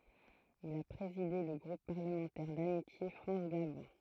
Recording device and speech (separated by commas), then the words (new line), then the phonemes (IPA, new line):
throat microphone, read sentence
Il a présidé le groupe parlementaire d'amitié France-Gabon.
il a pʁezide lə ɡʁup paʁləmɑ̃tɛʁ damitje fʁɑ̃s ɡabɔ̃